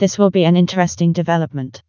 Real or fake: fake